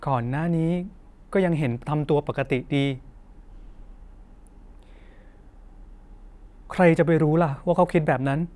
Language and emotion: Thai, frustrated